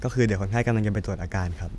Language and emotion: Thai, neutral